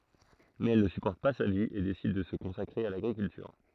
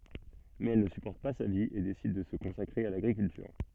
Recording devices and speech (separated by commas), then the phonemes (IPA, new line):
throat microphone, soft in-ear microphone, read sentence
mɛz ɛl nə sypɔʁt pa sa vi e desid də sə kɔ̃sakʁe a laɡʁikyltyʁ